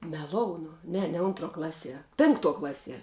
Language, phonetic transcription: Lithuanian, meˈlounu ˈne ne ˈuntˌruo ˈklaˌsie ˈpinkˌtuo ˈklaˌsie

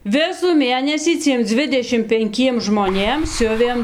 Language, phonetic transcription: Lithuanian, ˈvisų ˈmėnesį ˈciem ˈdzvidešim penˈkiem žmoˈnėm ˈsiuvėm

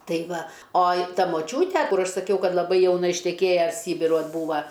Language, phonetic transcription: Lithuanian, ˈtai ˈva ˈoj ˈta moˈčiūte ˈkur ˈaš saˈkiau ˈkad laˈbai jauˈna išteˈkėja ˈsybiruoj ˈbūva

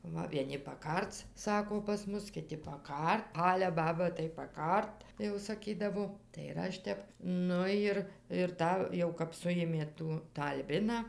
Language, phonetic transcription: Lithuanian, ˈva vieˈni paˈkarc ˈsako pas ˈmus kiˈti paˈkart ˈale ˈbaba tai paˈkart jau saˈkydavo tai ir ˈaš tep ˈnu jir ir ˈtą jau kap ˈsujėmė ˈtų ˈtą alˈbiną

